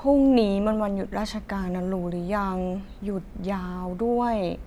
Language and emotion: Thai, frustrated